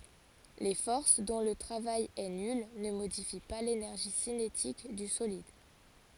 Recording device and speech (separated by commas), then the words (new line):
forehead accelerometer, read sentence
Les forces dont le travail est nul ne modifient pas l'énergie cinétique du solide.